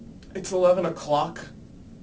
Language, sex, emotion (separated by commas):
English, male, disgusted